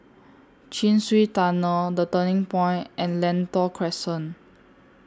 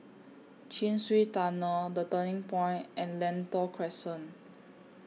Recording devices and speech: standing microphone (AKG C214), mobile phone (iPhone 6), read sentence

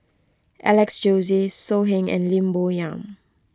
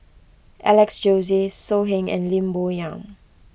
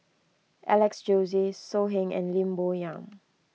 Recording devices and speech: close-talking microphone (WH20), boundary microphone (BM630), mobile phone (iPhone 6), read sentence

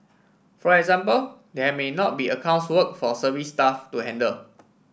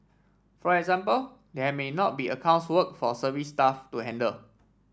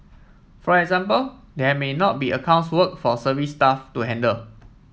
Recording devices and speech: boundary microphone (BM630), standing microphone (AKG C214), mobile phone (iPhone 7), read sentence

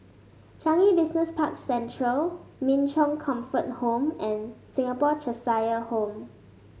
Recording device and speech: mobile phone (Samsung S8), read sentence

